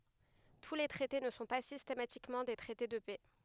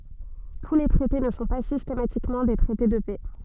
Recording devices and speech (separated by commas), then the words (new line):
headset microphone, soft in-ear microphone, read sentence
Tous les traités ne sont pas systématiquement des traités de paix.